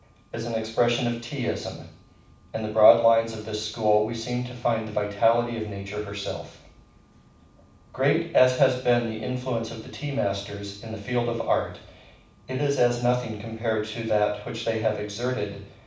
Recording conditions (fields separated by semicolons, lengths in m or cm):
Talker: one person; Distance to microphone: 5.8 m; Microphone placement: far; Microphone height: 1.8 m; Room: medium-sized (5.7 m by 4.0 m); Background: none